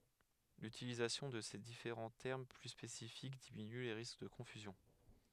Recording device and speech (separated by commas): headset microphone, read sentence